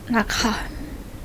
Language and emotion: Thai, sad